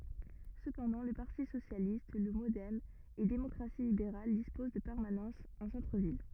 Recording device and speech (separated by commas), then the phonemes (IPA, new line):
rigid in-ear microphone, read sentence
səpɑ̃dɑ̃ lə paʁti sosjalist lə modɛm e demɔkʁasi libeʁal dispoz də pɛʁmanɑ̃sz ɑ̃ sɑ̃tʁəvil